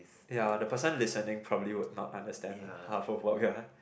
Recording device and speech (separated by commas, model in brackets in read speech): boundary microphone, conversation in the same room